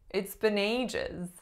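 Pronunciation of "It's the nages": In 'it's been ages', the main stress falls on the first syllable of 'ages', the 'a'.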